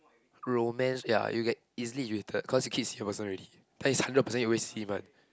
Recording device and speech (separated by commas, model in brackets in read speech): close-talking microphone, conversation in the same room